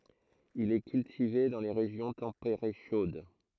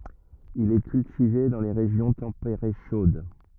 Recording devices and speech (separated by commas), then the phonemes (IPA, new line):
throat microphone, rigid in-ear microphone, read sentence
il ɛ kyltive dɑ̃ le ʁeʒjɔ̃ tɑ̃peʁe ʃod